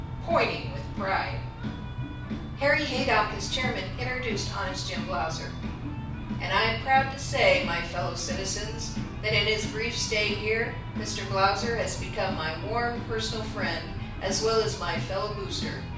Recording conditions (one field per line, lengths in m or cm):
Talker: one person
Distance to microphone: 5.8 m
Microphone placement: far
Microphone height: 1.8 m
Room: medium-sized (5.7 m by 4.0 m)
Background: music